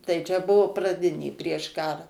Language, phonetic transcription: Lithuanian, tai čia ˈbuvu praˈdinė prieš ˈkara

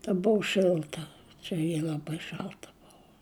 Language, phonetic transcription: Lithuanian, ta ˈbuvu ˈšilta ˈčia ji laˈbai ˈšalta ˈbuvo

